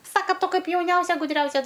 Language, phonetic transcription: Lithuanian, ˈsaka ˈtu ˈkaip jauˈniausia guˈdriausia

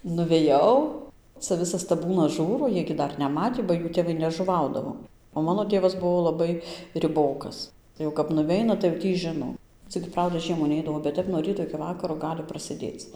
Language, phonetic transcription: Lithuanian, nuveˈjau ca ˈvisas taˈbūnas ˈžūro ˈjiej gi ˈdar neˈmatį ba ˈjų tėˈvai nežuˈvaudavo o ˈmano ˈtėvas ˈbuo laˈbai riˈbokas jau kap nuˈveina tai jau ˈtį ˈžino ˈcik ˈprauda ˈžiemų ˈneidavo bet ˈtep nuo ˈryto iki ˈvakaro ˈgali prasėˈdėc

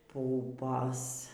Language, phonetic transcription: Lithuanian, ˈpupos

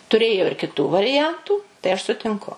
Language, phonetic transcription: Lithuanian, tuˈrėjo ir kiˈtų variˈjantų tai aš sutinˈku

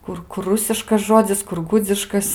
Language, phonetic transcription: Lithuanian, ˈkur ˈkur ˈrusiškas ˈžodzis kur ˈgudziškas

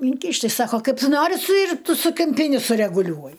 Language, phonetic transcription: Lithuanian, inˈkyšt' ti ˈsako ˈkaip ˈtu ˈnori su ir ˈtu su kimˈpyni sureguˈliuoji

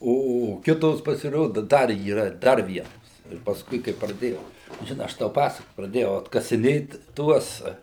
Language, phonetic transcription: Lithuanian, ˈo o ˈkitos pasiˈrodu ˈdar yˈra ˈdar ˈvienos ir pasˈkui kai praˈdėjau žiˈnai ˈaš tau ˈpasak praˈdėjau atkasiˈnėt ˈtuos

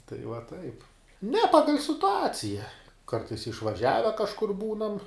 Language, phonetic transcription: Lithuanian, tai va ˈtaip ne ˈpagal' situˈacija ˈkartais išvaˈžiave kažˈkur ˈbūnam

